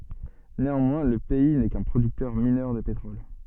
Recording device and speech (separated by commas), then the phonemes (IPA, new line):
soft in-ear microphone, read sentence
neɑ̃mwɛ̃ lə pɛi nɛ kœ̃ pʁodyktœʁ minœʁ də petʁɔl